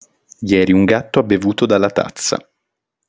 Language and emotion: Italian, neutral